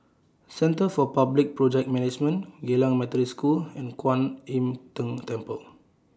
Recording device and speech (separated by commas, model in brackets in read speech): standing microphone (AKG C214), read sentence